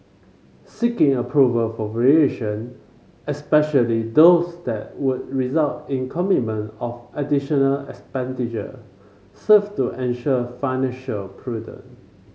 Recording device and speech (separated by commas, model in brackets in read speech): mobile phone (Samsung C5), read sentence